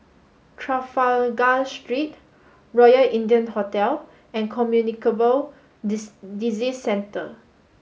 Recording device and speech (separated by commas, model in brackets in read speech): mobile phone (Samsung S8), read sentence